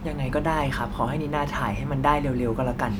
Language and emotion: Thai, frustrated